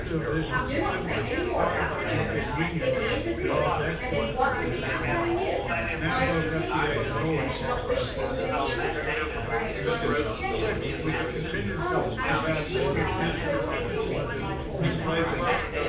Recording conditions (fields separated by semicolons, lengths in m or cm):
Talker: one person; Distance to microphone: 9.8 m; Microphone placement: far; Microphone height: 1.8 m; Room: large; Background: babble